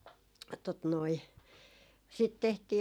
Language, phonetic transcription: Finnish, tot noi , sit 'tehtii ,.
- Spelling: tuota noin sitten tehtiin

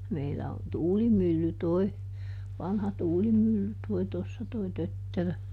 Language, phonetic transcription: Finnish, ˈmeillä on "tuulimylly toi , ˈvanha ˈtuulimylly toi ˈtossa toi "tötterö .
- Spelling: meillä on tuulimylly tuo vanha tuulimylly tuo tuossa tuo tötterö

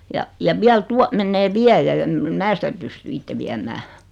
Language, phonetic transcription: Finnish, ja , ja 'viäl 'tua mennee 'viäjä ja em (e)m "mää sitä 'pysty "itte viäm̀ää .
- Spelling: ja ja vielä tuo menee viejä ja en en minä sitä pysty itse viemään

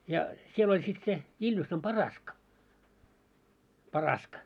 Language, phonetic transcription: Finnish, ja 'siel oĺ sit 'se , 'Iljussam "Paraska , "Paraska .
- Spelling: ja siellä oli sitten se Iljusan Paraska Paraska

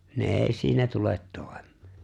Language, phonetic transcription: Finnish, 'ne 'èi̬ 'siinä tulet 'tòi̬m̀ᴇᴇ .
- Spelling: ne ei siinä tule toimeen

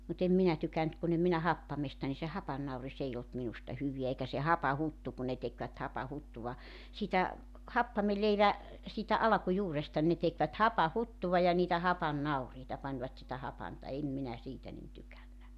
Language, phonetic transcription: Finnish, mut ‿em 'minä 'tykänt kun ‿em minä "happamesta ni se 'hapannauri's ‿ei olt minusta 'hyviä eikä se "hapahuttu kun̆ ne tekvät 'hapahuttuva , siitä , 'happameleivä , siitä 'alᵃkujuuresta ne tekvät "hapa"huttuva ja niitä 'hapan"nauriita 'pańvat sitä 'hapanta 'em minä 'siitä nin 'tykännä .
- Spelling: mutta en minä tykännyt kun en minä happamasta niin se hapannauris ei ollut minusta hyvää eikä se hapanhuttu kun ne tekivät hapanhuttua siitä happamanleivän siitä alkujuuresta ne tekivät hapanhuttua ja niitä hapannauriita panivat sitä hapanta en minä siitä niin tykännyt

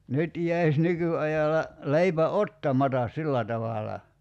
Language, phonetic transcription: Finnish, 'nyt jäis 'nyky₍ajala 'leipä "ottamatas "sillä tavala .
- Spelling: nyt jäisi nykyajalla leipä ottamatta sillä tavalla

